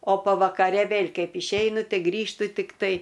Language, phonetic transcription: Lithuanian, o pavakaˈre ˈvėl' ˈkaip išˈeinu ˈtai ˈgrįžtu tikˈtai

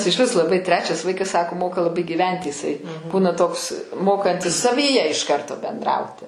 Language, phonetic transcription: Lithuanian, išˈvis laˈbai ˈtrečias ˈvaikas sako ˈmoka laˈbai gyˈventi jiˈsai ˈbūna toks ˈmokantis savyˈje iš ˈkarto benˈdrauti

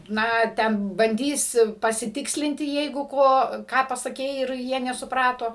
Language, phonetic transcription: Lithuanian, ˈna ten banˈdys pasiˈtikslinti ˈjeigu ˈko ˈką pasaˈkei ir ˈjie nesuˈprato

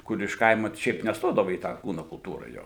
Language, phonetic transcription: Lithuanian, ˈkur iš ˈkaima ˈšiaip nesˈtodava į ˈtą ˈkūnu kulˈtūra ˈjo

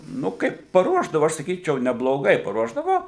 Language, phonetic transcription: Lithuanian, ˈnu ˈkaip paˈruošdavu ˈaš saˈkyčiau nebloˈgai paˈruošdavo

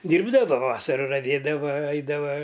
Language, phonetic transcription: Lithuanian, ˈdyrbdava ˈvasara raˈvėdava ˈaidava

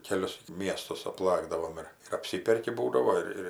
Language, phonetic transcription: Lithuanian, keˈlius ˈmiestus apˈlakdavom ˈir ir apˈsiperki ˈbūdavo ir ˈir

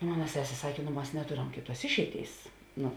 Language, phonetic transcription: Lithuanian, ˈmona ˈsesė ˈsakė nu ˈmas neˈtoram ˈkėˌtuos ˈišeiˌtėis ˈnu

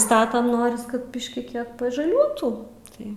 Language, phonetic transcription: Lithuanian, ˈstatam ˈnoris kad ˈbiški ˈkiek pažaˈliuotų ˈtai

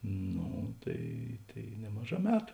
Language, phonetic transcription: Lithuanian, ˈno tai ˈtai ˈnemaˌžā ˈmetu

